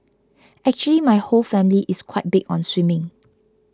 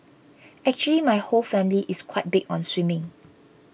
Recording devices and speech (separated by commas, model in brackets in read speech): close-talking microphone (WH20), boundary microphone (BM630), read sentence